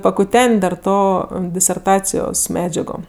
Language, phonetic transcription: Lithuanian, pakuˈten't' dar ˈto diserˈtacijos ˈmedžiago

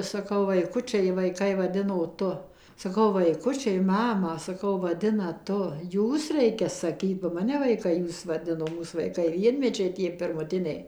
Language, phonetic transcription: Lithuanian, saˈkau vaiˈkučiai vaiˈkai vaˈdino ˈtu saˈkau vaiˈkučiai ˈmamą saˈkau vaˈdina ˈtu ˈjūs ˈreikia saˈkyt ba ˈmane vaiˈkai ˈjūs vaˈdino ˈmūs vaiˈkai ˈvienmečiai ˈtie pirmuˈtiniai

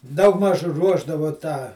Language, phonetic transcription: Lithuanian, ˈdaugˌmaž ˈruošdavo tą

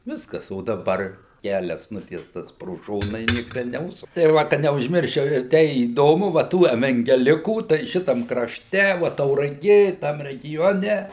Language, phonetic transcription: Lithuanian, ˈviskas o daˈbar ˈkælias ˈnutiestas pro ˈšona i ˈnieks ˈten neˈužsuk tai ˈva ka neužˈmirščiau ir ˈtei įˈdomu va ˈtų evengeˈlikų tai ˈšitam krašˈte vo tauraˈgė ˈtam reˈgione

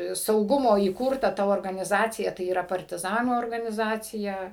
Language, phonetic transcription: Lithuanian, sauˈgumo įˈkurta ta organiˈzacija tai yˈra partiˈzanų organiˈzacija

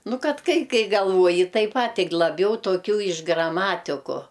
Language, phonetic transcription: Lithuanian, ˈnu ˈkad ˈkai ˈkai galˈvuoji ˈtaip ˈpat' ˈtik laˈbiau toˈkių iš graˈmatiku

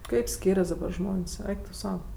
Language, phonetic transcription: Lithuanian, ˈkaip ˈskyrias dabar ˈžmon's' ˈeik tu ˈsau

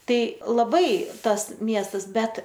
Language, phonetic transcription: Lithuanian, ˈtai laˈbai ˈtas ˈmiestas ˈbet

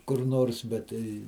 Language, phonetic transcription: Lithuanian, kur ˈnors bet ˈtai

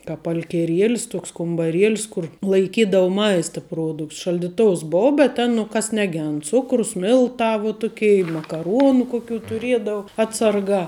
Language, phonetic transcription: Lithuanian, kāp alkeˈrielis ˈtuoks kumbaˈrielis ˈkur laiˈkydavu ˈmaista ˈpruodukts šaldiˈtous ˈbou bet ˈten nu ˈkas neˈgend ˈcukrus ˈmiltā vo ˈtukei i makaˈruonu kuˈkių tuˈriedau ˈatsarˌgā

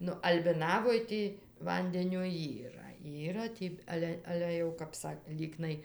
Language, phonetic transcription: Lithuanian, ˈnu albiˈnavoj ˈtį ˈvandenio ˈyra ˈyra tį ˈale ˈale jau kap ˈsak ˈlyknai

